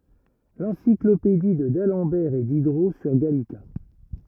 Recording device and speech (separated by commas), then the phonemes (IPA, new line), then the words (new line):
rigid in-ear microphone, read sentence
lɑ̃siklopedi də dalɑ̃bɛʁ e didʁo syʁ ɡalika
L'encyclopédie de d'Alembert et Diderot sur Gallica.